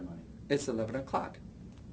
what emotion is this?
neutral